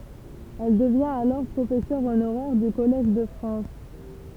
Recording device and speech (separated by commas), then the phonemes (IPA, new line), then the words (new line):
temple vibration pickup, read sentence
ɛl dəvjɛ̃t alɔʁ pʁofɛsœʁ onoʁɛʁ dy kɔlɛʒ də fʁɑ̃s
Elle devient alors professeur honoraire du Collège de France.